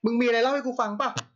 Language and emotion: Thai, angry